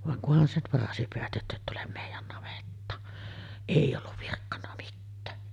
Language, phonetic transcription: Finnish, vaŋ kuhan 'sev varasi peät jottet tulem 'mèijän navettaan. « "’eij ‿olluv virkkanna mittää .
- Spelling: vaan kunhan sen varasi pidät jotta et tule meidän navettaan ei ollut virkkonut mitään

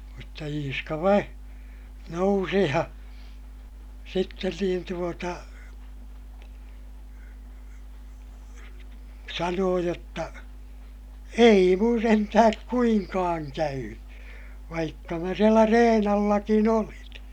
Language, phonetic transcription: Finnish, mutta Iiska vai , nousi ja , sitten niin tuota , sanoo jotta , » ei mun sentähäk kuiŋkaaŋ käyny , vaikka mä sielä reen ‿allakin ‿olin » .
- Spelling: mutta Iiska vain nousi ja sitten niin tuota sanoi jotta ei minun sentään kuinkaan käynyt vaikka minä siellä reen allakin olin

